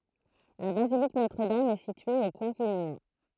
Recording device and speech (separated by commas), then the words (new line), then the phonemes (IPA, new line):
throat microphone, read sentence
La basilique Notre-Dame est située au point culminant.
la bazilik notʁədam ɛ sitye o pwɛ̃ kylminɑ̃